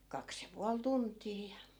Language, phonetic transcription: Finnish, 'kaks ja 'pual "tunt̆tii ja .
- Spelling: kaksi ja puoli tuntia ja

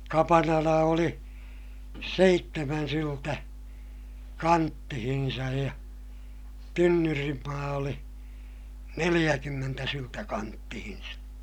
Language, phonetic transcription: Finnish, kapanala oli , seittemän syltä , kanttihinsaj ja , tynnyrimmaa oli , neliʲäkymmentä syltä kanttihin̬sa .
- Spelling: kapanala oli seitsemän syltä kanttiinsa ja tynnyrinmaa oli neljäkymmentä syltä kanttiinsa

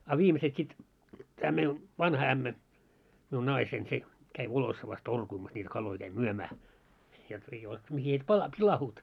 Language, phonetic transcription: Finnish, a 'viimeset sit , tää mei , 'vanha ämmä , miun 'naisein se , käi "Volossavas "torkuimas ńiti kalloi käi "myömää , jot ei oˡᵉ , mihi et 'pala- , 'pilahuut .
- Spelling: a viimeiset sitten tämä meidän vanha ämmä minun naiseni se kävi Volossavassa torkumassa niitä kaloja kävi myymään jotta ei ole mihin että - pilaantuivat

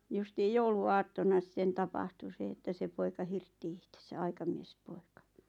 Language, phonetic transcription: Finnish, 'justiij "joulu₍"aattona sᵗᵉⁿ "tapahtu 'se että 'se poika "hirtti ihtesä "aikamies'poika .
- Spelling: justiin jouluaattona sitten tapahtui se että se poika hirtti itsensä aikamiespoika

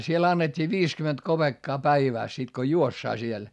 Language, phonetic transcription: Finnish, siel annet́t́ii viiskyment kopeekkaa päivä̀s sit ko juossaa siel .
- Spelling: siellä annettiin viisikymmentä kopeekkaa päivässä sitten kun juostaan siellä

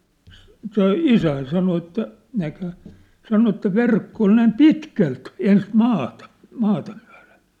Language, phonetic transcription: Finnish, s- , se "isäin 'sano että , näkhä , 'sano että "verkko ol 'näim "pitkält , 'ens "maata , 'maata myä̭lᴇɴ .
- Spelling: - se isäni sanoi että näkihän sanoi että verkko oli näin pitkälti ensin maata maata myöten

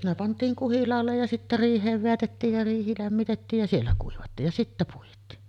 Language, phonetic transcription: Finnish, ne 'pant̆tiiŋ "kuhilaallej ja sittä "riih̀eev 'veätettiij ja 'riihi lämmitettiij ja 'siellä kuivattiij ja 'sittä puit̀ii .
- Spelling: ne pantiin kuhilaalle ja sitten riiheen vedätettiin ja riihi lämmitettiin ja siellä kuivattiin ja sitten puitiin

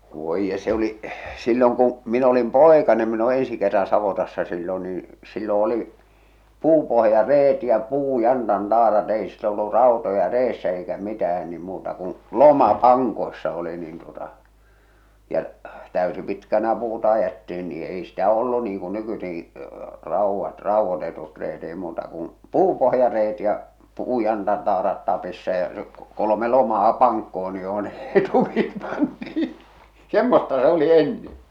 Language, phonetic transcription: Finnish, 'voij je , se ‿oli’ , silloŋ kuṵ , min ‿olim "pòekanem min ‿o ensi kerran savotassa sillon nii , sillo oli , "puupohja"reet ja "puu'jantan'taarat ei sillo ollu "ràotoja 'reessä eikä "mitähän ni muuta kuṵ , "loma "paŋkoi̬ssa oli niin tuota , ja , 'tä̀ysipitkänä 'puuta ajettiin nii , 'ei sitä ollu niiŋ ku 'nykysiИkɪ , 'ràuvvat , 'ràuvvotetut reet èi muuta kum , "puupohja'reet ja , "puu'jantan'taarat tapissa ja se , kolome 'lomaa "paŋkkohon ni joh ne , ei tukit (pysys siinä) , 'semmosta 's ‿oli 'ennen̬ .
- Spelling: voi jee se oli silloin kun minä olin poikanen minä olen ensi kerran savotassa silloin niin silloin oli puupohjareet ja puujantantaarat ei silloin ollut rautoja reessä eikä mitään niin muuta kun loma pankoissa oli niin tuota ja täysipitkänä puuta ajettiin niin ei sitä ollut niin kuin nykyisinkin raudat raudoitetut reet ei muuta kuin puupohjareet ja puujantantaarat tapissa ja se kolme lomaa pankkoon niin jossa ne ei tukit pysy siinä semmoista se oli ennen

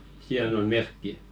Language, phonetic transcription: Finnish, 'siihen ‿on "merkki .
- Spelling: siihen on merkki

